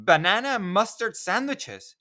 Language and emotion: English, surprised